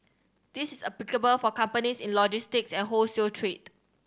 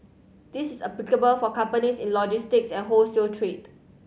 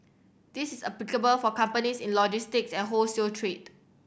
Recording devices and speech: standing microphone (AKG C214), mobile phone (Samsung C7100), boundary microphone (BM630), read sentence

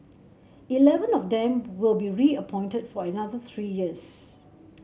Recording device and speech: mobile phone (Samsung C7), read sentence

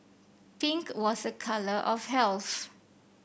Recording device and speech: boundary microphone (BM630), read sentence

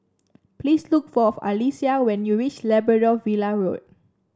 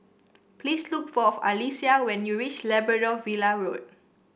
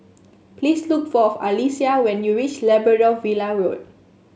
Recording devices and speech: standing microphone (AKG C214), boundary microphone (BM630), mobile phone (Samsung S8), read sentence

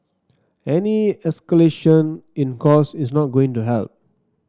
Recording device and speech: standing microphone (AKG C214), read sentence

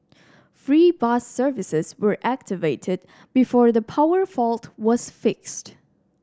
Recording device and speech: standing microphone (AKG C214), read sentence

